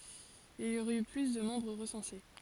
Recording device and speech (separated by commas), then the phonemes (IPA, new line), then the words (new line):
forehead accelerometer, read sentence
il i oʁɛt y ply də mɑ̃bʁ ʁəsɑ̃se
Il y aurait eu plus de membres recensés.